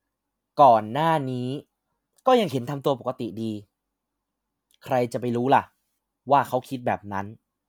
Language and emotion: Thai, neutral